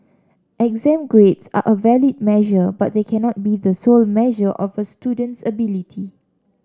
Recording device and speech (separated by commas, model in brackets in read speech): standing microphone (AKG C214), read sentence